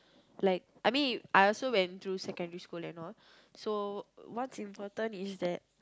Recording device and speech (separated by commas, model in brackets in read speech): close-talking microphone, conversation in the same room